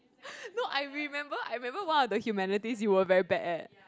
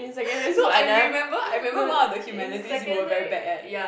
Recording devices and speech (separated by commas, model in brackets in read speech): close-talking microphone, boundary microphone, conversation in the same room